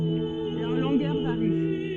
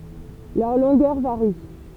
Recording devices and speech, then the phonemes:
soft in-ear microphone, temple vibration pickup, read sentence
lœʁ lɔ̃ɡœʁ vaʁi

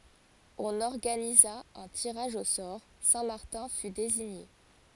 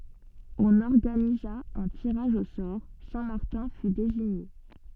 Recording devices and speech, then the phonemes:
forehead accelerometer, soft in-ear microphone, read sentence
ɔ̃n ɔʁɡaniza œ̃ tiʁaʒ o sɔʁ sɛ̃ maʁtɛ̃ fy deziɲe

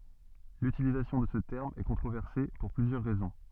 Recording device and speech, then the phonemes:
soft in-ear microphone, read sentence
lytilizasjɔ̃ də sə tɛʁm ɛ kɔ̃tʁovɛʁse puʁ plyzjœʁ ʁɛzɔ̃

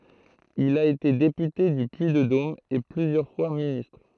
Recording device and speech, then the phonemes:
throat microphone, read sentence
il a ete depyte dy pyiddom e plyzjœʁ fwa ministʁ

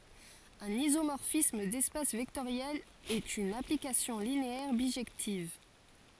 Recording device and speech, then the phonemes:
forehead accelerometer, read sentence
œ̃n izomɔʁfism dɛspas vɛktoʁjɛlz ɛt yn aplikasjɔ̃ lineɛʁ biʒɛktiv

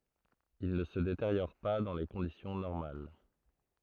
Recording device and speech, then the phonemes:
throat microphone, read sentence
il nə sə deteʁjɔʁ pa dɑ̃ le kɔ̃disjɔ̃ nɔʁmal

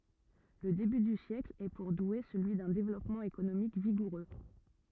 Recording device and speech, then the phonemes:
rigid in-ear microphone, read sentence
lə deby dy sjɛkl ɛ puʁ dwe səlyi dœ̃ devlɔpmɑ̃ ekonomik viɡuʁø

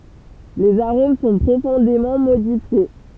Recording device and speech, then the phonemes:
temple vibration pickup, read sentence
lez aʁom sɔ̃ pʁofɔ̃demɑ̃ modifje

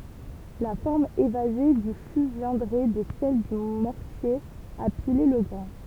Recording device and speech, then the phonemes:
temple vibration pickup, read sentence
la fɔʁm evaze dy fy vjɛ̃dʁɛ də sɛl dy mɔʁtje a pile lə ɡʁɛ̃

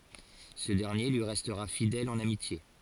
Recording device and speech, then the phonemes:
forehead accelerometer, read sentence
sə dɛʁnje lyi ʁɛstʁa fidɛl ɑ̃n amitje

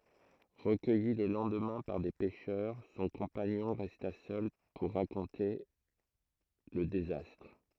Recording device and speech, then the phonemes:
throat microphone, read sentence
ʁəkœji lə lɑ̃dmɛ̃ paʁ de pɛʃœʁ sɔ̃ kɔ̃paɲɔ̃ ʁɛsta sœl puʁ ʁakɔ̃te lə dezastʁ

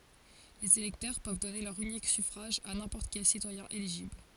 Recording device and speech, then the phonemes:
forehead accelerometer, read sentence
lez elɛktœʁ pøv dɔne lœʁ ynik syfʁaʒ a nɛ̃pɔʁt kɛl sitwajɛ̃ eliʒibl

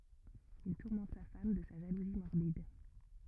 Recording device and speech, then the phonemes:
rigid in-ear microphone, read sentence
il tuʁmɑ̃t sa fam də sa ʒaluzi mɔʁbid

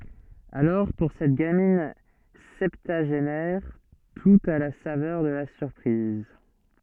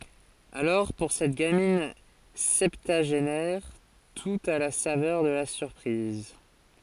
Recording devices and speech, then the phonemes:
soft in-ear microphone, forehead accelerometer, read sentence
alɔʁ puʁ sɛt ɡamin sɛptyaʒenɛʁ tut a la savœʁ də la syʁpʁiz

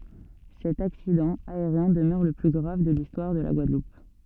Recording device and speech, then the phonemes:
soft in-ear microphone, read sentence
sɛt aksidɑ̃ aeʁjɛ̃ dəmœʁ lə ply ɡʁav də listwaʁ də la ɡwadlup

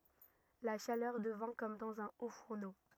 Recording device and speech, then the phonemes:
rigid in-ear microphone, read sentence
la ʃalœʁ dəvɛ̃ kɔm dɑ̃z œ̃ otfuʁno

